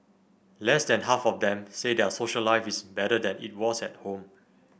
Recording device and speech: boundary microphone (BM630), read sentence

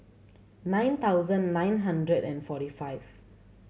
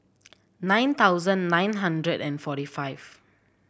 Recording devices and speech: mobile phone (Samsung C7100), boundary microphone (BM630), read sentence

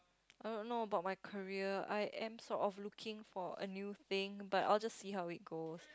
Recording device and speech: close-talking microphone, conversation in the same room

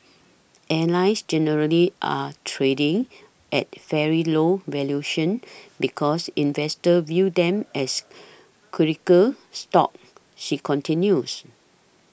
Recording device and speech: boundary microphone (BM630), read sentence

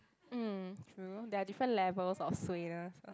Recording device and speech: close-talking microphone, conversation in the same room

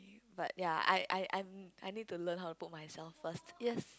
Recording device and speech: close-talking microphone, conversation in the same room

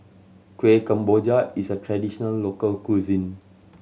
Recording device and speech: mobile phone (Samsung C7100), read sentence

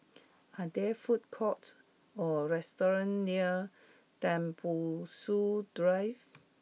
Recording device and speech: mobile phone (iPhone 6), read sentence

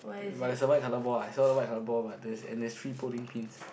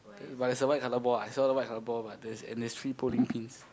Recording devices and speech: boundary microphone, close-talking microphone, conversation in the same room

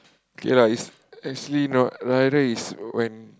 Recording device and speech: close-talking microphone, conversation in the same room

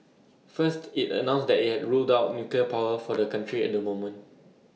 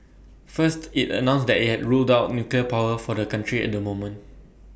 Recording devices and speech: mobile phone (iPhone 6), boundary microphone (BM630), read sentence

